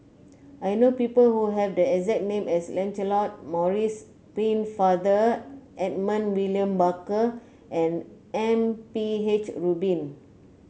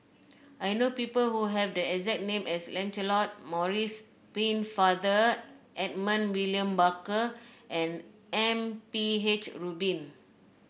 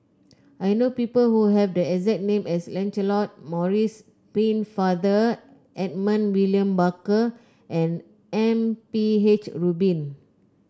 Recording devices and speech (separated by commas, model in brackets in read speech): mobile phone (Samsung C9), boundary microphone (BM630), close-talking microphone (WH30), read sentence